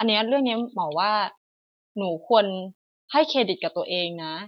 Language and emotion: Thai, neutral